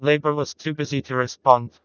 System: TTS, vocoder